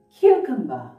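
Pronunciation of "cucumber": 'Cucumber' is pronounced correctly here.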